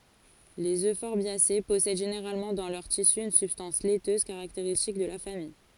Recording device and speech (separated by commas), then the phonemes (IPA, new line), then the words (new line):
forehead accelerometer, read sentence
lez øfɔʁbjase pɔsɛd ʒeneʁalmɑ̃ dɑ̃ lœʁ tisy yn sybstɑ̃s lɛtøz kaʁakteʁistik də la famij
Les euphorbiacées possèdent généralement dans leurs tissus une substance laiteuse caractéristique de la famille.